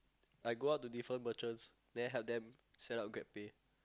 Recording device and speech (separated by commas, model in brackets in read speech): close-talking microphone, conversation in the same room